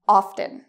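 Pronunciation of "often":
'Often' is said with the t pronounced.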